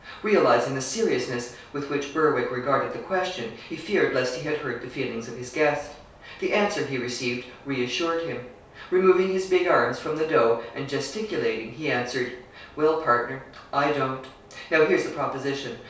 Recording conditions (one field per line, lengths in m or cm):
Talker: one person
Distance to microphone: 3.0 m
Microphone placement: far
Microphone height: 1.8 m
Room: small (3.7 m by 2.7 m)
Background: none